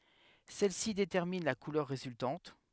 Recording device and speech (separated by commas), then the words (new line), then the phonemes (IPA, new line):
headset microphone, read sentence
Celles-ci déterminent la couleur résultante.
sɛlɛsi detɛʁmin la kulœʁ ʁezyltɑ̃t